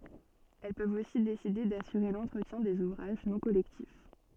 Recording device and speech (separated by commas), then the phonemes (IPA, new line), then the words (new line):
soft in-ear microphone, read sentence
ɛl pøvt osi deside dasyʁe lɑ̃tʁətjɛ̃ dez uvʁaʒ nɔ̃ kɔlɛktif
Elles peuvent aussi décider d'assurer l’entretien des ouvrages non collectifs.